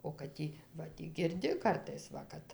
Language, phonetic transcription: Lithuanian, o kad ˈtį va ˈtį girˈdi ˈkartais ˈva kad

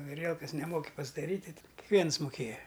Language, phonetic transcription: Lithuanian, aˈrielkas neˈmoki pasdaˈryt' tai kikˈviens muˈkėja

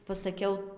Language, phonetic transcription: Lithuanian, pasaˈkiau

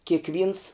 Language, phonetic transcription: Lithuanian, kėkˈvyns

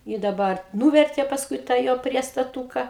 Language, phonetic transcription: Lithuanian, i daˈbar ˈnūvertė pasˈkui tą ˈjo priestaˈtūka

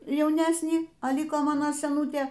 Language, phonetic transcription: Lithuanian, jauˈnesnį a ˈlyko ˈmano seˈnūtė

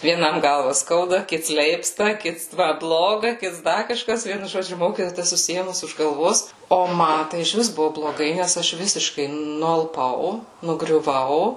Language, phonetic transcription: Lithuanian, vieˈnam ˈgalva ˈskauda ˈkits ˈleipsta ˈkits ˈma ˈbloga ˈkits ˈda kaˈžkas ˈvienu ˈžodžiu ˈmokytoja ta susiˈėmus už galˈvos o ˈma tai išˈvis ˈbuvo bloˈgai nes ˈaš ˈvisiškai nualˈpau nugriuˈvau

